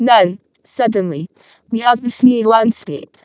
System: VC, vocoder